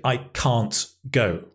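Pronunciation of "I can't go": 'I can't go' is said very slowly here, and it sounds strange. It is not the way it is normally said.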